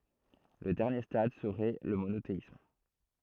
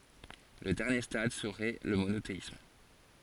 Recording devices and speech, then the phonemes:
throat microphone, forehead accelerometer, read sentence
lə dɛʁnje stad səʁɛ lə monoteism

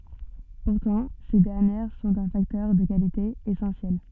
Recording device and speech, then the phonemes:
soft in-ear microphone, read sentence
puʁtɑ̃ se dɛʁnjɛʁ sɔ̃t œ̃ faktœʁ də kalite esɑ̃sjɛl

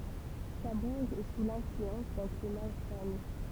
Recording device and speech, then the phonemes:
temple vibration pickup, read sentence
kabuʁ ɛ su lɛ̃flyɑ̃s dœ̃ klima oseanik

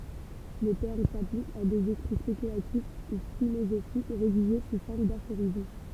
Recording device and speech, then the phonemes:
temple vibration pickup, read sentence
lə tɛʁm saplik a dez ekʁi spekylatif u filozofik ʁediʒe su fɔʁm dafoʁism

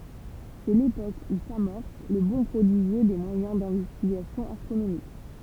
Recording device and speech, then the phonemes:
temple vibration pickup, read sentence
sɛ lepok u samɔʁs lə bɔ̃ pʁodiʒjø de mwajɛ̃ dɛ̃vɛstiɡasjɔ̃ astʁonomik

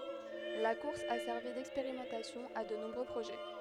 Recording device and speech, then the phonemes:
headset microphone, read sentence
la kuʁs a sɛʁvi dɛkspeʁimɑ̃tasjɔ̃ a də nɔ̃bʁø pʁoʒɛ

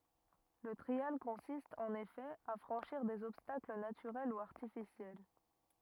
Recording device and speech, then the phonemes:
rigid in-ear microphone, read sentence
lə tʁial kɔ̃sist ɑ̃n efɛ a fʁɑ̃ʃiʁ dez ɔbstakl natyʁɛl u aʁtifisjɛl

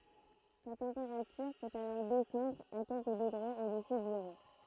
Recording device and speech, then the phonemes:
throat microphone, read sentence
sa tɑ̃peʁatyʁ pøt alɔʁ dɛsɑ̃dʁ a kɛlkə dəɡʁez odəsy də zeʁo

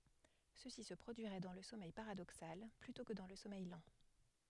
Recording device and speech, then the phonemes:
headset microphone, read sentence
səsi sə pʁodyiʁɛ dɑ̃ lə sɔmɛj paʁadoksal plytɔ̃ kə dɑ̃ lə sɔmɛj lɑ̃

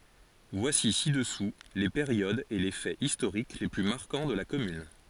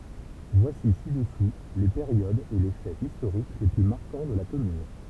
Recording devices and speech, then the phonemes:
forehead accelerometer, temple vibration pickup, read sentence
vwasi sidəsu le peʁjodz e le fɛz istoʁik le ply maʁkɑ̃ də la kɔmyn

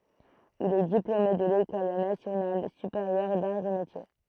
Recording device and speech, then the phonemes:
throat microphone, read sentence
il ɛ diplome də lekɔl nasjonal sypeʁjœʁ daʁz e metje

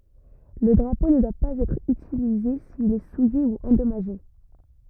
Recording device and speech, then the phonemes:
rigid in-ear microphone, read sentence
lə dʁapo nə dwa paz ɛtʁ ytilize sil ɛ suje u ɑ̃dɔmaʒe

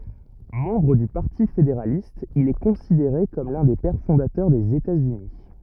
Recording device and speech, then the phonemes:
rigid in-ear microphone, read sentence
mɑ̃bʁ dy paʁti fedeʁalist il ɛ kɔ̃sideʁe kɔm lœ̃ de pɛʁ fɔ̃datœʁ dez etatsyni

